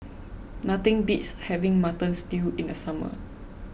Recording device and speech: boundary microphone (BM630), read sentence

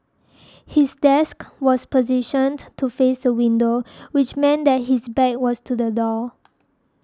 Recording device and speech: standing microphone (AKG C214), read sentence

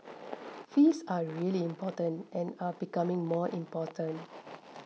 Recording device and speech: mobile phone (iPhone 6), read sentence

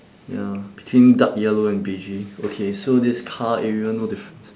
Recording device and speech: standing microphone, conversation in separate rooms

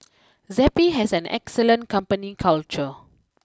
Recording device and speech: close-talking microphone (WH20), read sentence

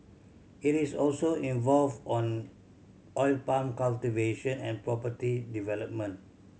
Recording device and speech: mobile phone (Samsung C7100), read sentence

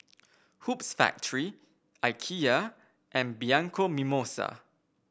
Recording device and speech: boundary microphone (BM630), read sentence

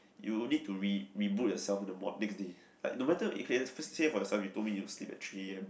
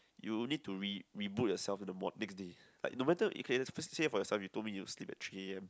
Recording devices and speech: boundary microphone, close-talking microphone, conversation in the same room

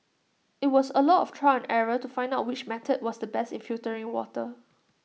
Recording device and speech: mobile phone (iPhone 6), read sentence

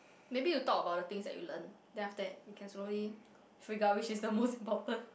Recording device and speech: boundary microphone, conversation in the same room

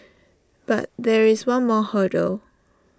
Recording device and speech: standing microphone (AKG C214), read sentence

